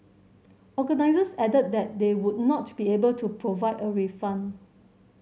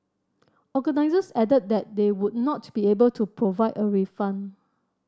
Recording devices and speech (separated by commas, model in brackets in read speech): mobile phone (Samsung C7100), standing microphone (AKG C214), read sentence